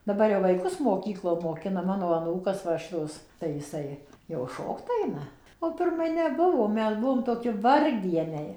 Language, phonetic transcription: Lithuanian, daˈbar jau vaiˈkus moˈkyklo moˈkina ˈmano aˈnūkas ˈva šiˈtos tai jiˈsai jau ˈšokt ˈaina o pirˈmai neˈbuvo ˈmes ˈbuvom toˈki ˈvargdieniai

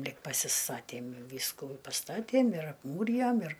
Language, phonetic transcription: Lithuanian, ˈlig pasiˈstatėm ˈvyskų i paˈstatėm ir apˈmūrijom ir

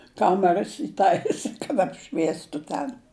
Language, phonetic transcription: Lithuanian, ˈkameras įˈtaisi kad apˈšviestu ˈten

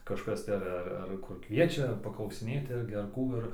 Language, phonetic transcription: Lithuanian, kažˈkas tai ar ˈar ˈar kur ˈkviečia paklausiˈnėti ˈirgi ar ˈkų ir

